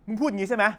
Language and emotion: Thai, angry